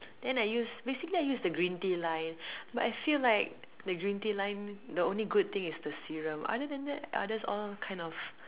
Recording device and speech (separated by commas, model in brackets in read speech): telephone, conversation in separate rooms